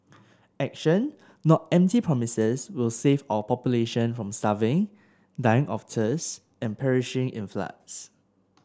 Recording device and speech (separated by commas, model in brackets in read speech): standing microphone (AKG C214), read sentence